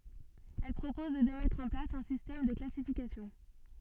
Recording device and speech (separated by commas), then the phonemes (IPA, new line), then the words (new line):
soft in-ear microphone, read sentence
ɛl pʁopɔz də mɛtʁ ɑ̃ plas œ̃ sistɛm də klasifikasjɔ̃
Elle propose de mettre en place un système de classification.